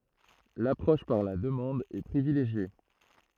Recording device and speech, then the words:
throat microphone, read sentence
L'approche par la demande est privilégiée.

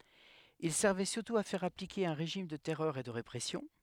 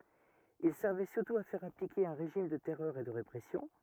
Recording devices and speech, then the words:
headset microphone, rigid in-ear microphone, read sentence
Il servait surtout à faire appliquer un régime de terreur et de répression.

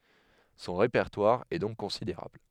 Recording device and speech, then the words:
headset microphone, read sentence
Son répertoire est donc considérable.

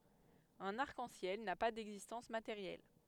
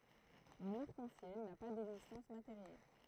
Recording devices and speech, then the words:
headset microphone, throat microphone, read sentence
Un arc-en-ciel n'a pas d'existence matérielle.

